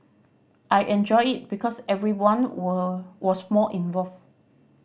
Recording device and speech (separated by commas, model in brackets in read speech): boundary microphone (BM630), read sentence